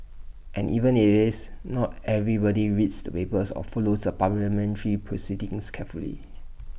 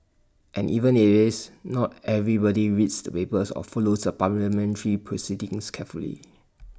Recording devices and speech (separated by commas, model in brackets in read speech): boundary microphone (BM630), standing microphone (AKG C214), read sentence